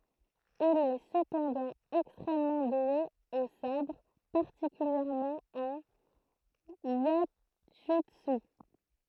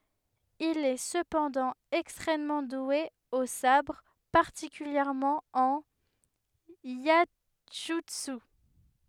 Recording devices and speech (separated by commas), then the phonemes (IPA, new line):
throat microphone, headset microphone, read sentence
il ɛ səpɑ̃dɑ̃ ɛkstʁɛmmɑ̃ dwe o sabʁ paʁtikyljɛʁmɑ̃ ɑ̃n jɛʒytsy